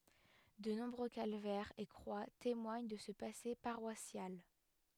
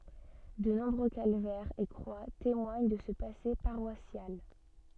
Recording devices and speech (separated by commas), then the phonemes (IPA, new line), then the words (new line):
headset microphone, soft in-ear microphone, read sentence
də nɔ̃bʁø kalvɛʁz e kʁwa temwaɲ də sə pase paʁwasjal
De nombreux calvaires et croix témoignent de ce passé paroissial.